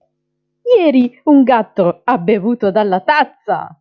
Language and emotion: Italian, happy